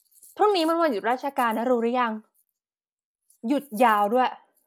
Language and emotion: Thai, neutral